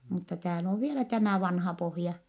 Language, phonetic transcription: Finnish, mutta tääl ‿oo vielä tämä̀ vanha pohja .
- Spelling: mutta täällä on vielä tämä vanha pohja

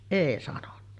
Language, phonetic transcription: Finnish, "èi sanonna .
- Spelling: ei sanonut

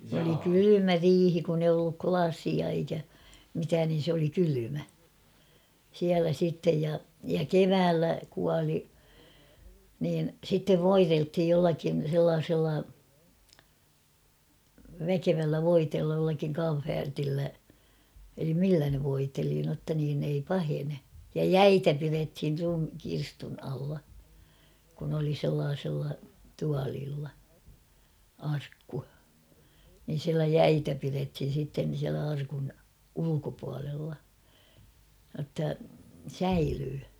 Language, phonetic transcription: Finnish, oli 'kylymä "riihi kun ‿eij ‿ollu "klasia eikä , mitään nin̬ 'sᵉ ‿oli 'kylymä , siälä 'sìttej ja , ja "keväällä 'kuali , niin̳ sittev "voirelthij jollakin̬ 'sellaasella , 'väkevällä "voiteella jollakiŋ 'kam͔fäärtillä , elim 'millä ne 'voiteli notta niin ‿ei "pahene , ja "jäitä 'pirethir rum- 'kirstun alla , kun ‿oli sellaasᴉlla 'tualiilla , 'arkku , nin̬ siälä "jäitä 'pirethin̬ sitten̬ siälä arkun , 'ulukopualella , notta "säilyy .
- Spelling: oli kylmä riihi kun ei ollut lasia eikä mitään niin se oli kylmä siellä sitten ja ja keväällä kuoli niin sitten voideltiin jollakin sellaisella väkevällä voiteella jollakin kamferilla eli millä ne voiteli jotta niin ei pahene ja jäitä pidettiin - kirstun alla kun oli sellaisilla tuoleilla arkku niin siellä jäitä pidettiin sitten siellä arkun ulkopuolella jotta säilyy

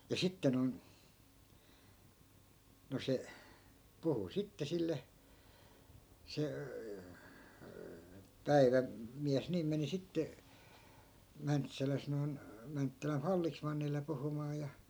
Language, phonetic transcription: Finnish, ja 'sitte noi̮n , no 'se , puhu 'sitte 'sille , se , 'päivä- , '-miäs niim meni 'sitte , 'mäntsäläs noi̮n , 'mänttäläf "fallismannile 'puhumaa ja .
- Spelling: ja sitten noin noin se puhui sitten sille se - päivämies niin meni sitten Mäntsälässä noin Mäntsälän vallesmannille puhumaan ja

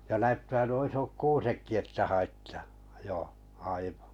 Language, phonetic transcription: Finnish, ja 'näyttää nuo 'isok "kuusekki että 'haittᴀᴀ , jò 'aivᴀ .
- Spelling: ja näyttää nuo isot kuusetkin että haittaa jo aivan

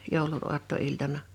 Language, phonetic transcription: Finnish, 'jòulun 'oatto'iltana .
- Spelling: joulun aattoiltana

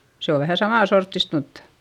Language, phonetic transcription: Finnish, se o vähä samà sorttist muttA ,.
- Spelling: se on vähän saman sorttista mutta

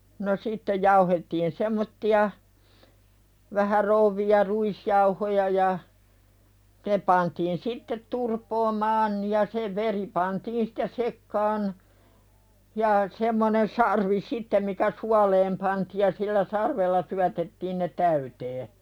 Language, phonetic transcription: Finnish, no 'sitteʲ jauhettiin "semmotti₍a , 'vähä rouvviʲa "ruisjauhoja ja , ne pantiin "sittet 'turpoomaan ja se 'veri pantiin sɪtte "sekkaan , ja semmonen 'sarvi "sittem mikä "sualeem pantiiʲ ja sillä 'sarvella syätettiin ne "täytee .
- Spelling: no sitten jauhettiin semmoisia vähän rouveja ruisjauhoja ja ne pantiin sitten turpoamaan ja se veri pantiin sitten sekaan ja semmoinen sarvi sitten mikä suoleen pantiin ja sillä sarvella syötettiin ne täyteen

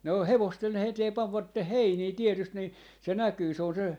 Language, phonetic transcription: Finnish, ne oh "hevosthen ‿eteem 'pavvatteh "heinii 'tietyst ni , se 'näkyy se on se , .
- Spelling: ne on hevosten eteen panivat heiniä tietysti niin se näkyy se on se

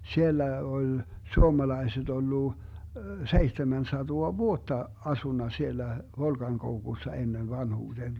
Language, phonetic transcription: Finnish, 'siellä 'oĺ , 'suomalaiset 'ollu , 'seihtemän 'satoa "vuotta 'asunna 'siellä , 'Volkaŋkoukussa 'ennen 'vanhuuDeen .
- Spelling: siellä oli suomalaiset ollut seitsemän sataa vuotta asunut siellä Volkankoukussa ennen vanhuuteen

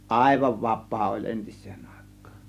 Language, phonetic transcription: Finnish, ˀàėvav "vap̆paa oĺ "ˀentis̆sEEN Àe̬kkAAN .
- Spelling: aivan vapaa oli entiseen aikaan

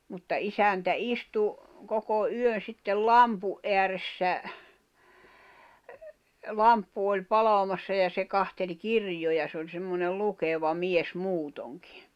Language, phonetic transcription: Finnish, mutta 'isäntä "istu , 'koko 'yön̬ sittel "lampu’ ’eäressä , 'lamppu oĺ 'palamassa ja se 'kahteĺ "kirj̆joja se oĺ semmonel 'lukeva "mies 'muutoŋkɪ .
- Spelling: mutta isäntä istui koko yön sitten lampun ääressä lamppu oli palamassa ja se katseli kirjoja se oli semmoinen lukeva mies muutenkin

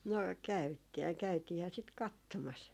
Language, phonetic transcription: Finnish, no , käyt- 'käytiihää sit "kattomas .
- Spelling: no - käytiinhän sitä katsomassa

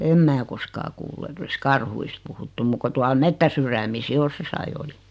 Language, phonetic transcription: Finnish, 'em 'mää koskaa 'kuullu et o(l)is "karhuist puhuttum 'muk ko 'tual "mettäsyrämis 'jos josai oli .
- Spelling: en minä koskaan kuullut että olisi karhuista puhuttu muuta kuin tuolla metsänsydämissä jos jossakin oli

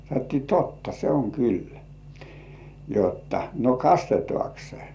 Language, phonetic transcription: Finnish, sanottii » 'totta se oŋ 'kyllä « , jotta , » no "kastetŏàks 'se « .
- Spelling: sanottiin totta se on kyllä jotta no kastetaanko se

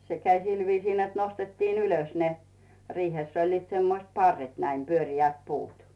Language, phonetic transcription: Finnish, 'se käi "sil viisii net 'nostettiin ‿'ylös ne , 'riihèss ‿oĺliit 'semmoⁱst "parret näim "pyöŕi₍ät 'puut .
- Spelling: se kävi sillä viisiin että nostettiin ylös ne riihessä olivat semmoiset parret näin pyöreät puut

